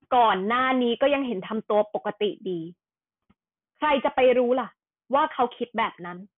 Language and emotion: Thai, frustrated